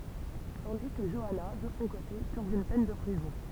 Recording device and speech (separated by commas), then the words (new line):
temple vibration pickup, read sentence
Tandis que Joanna, de son côté, purge une peine de prison.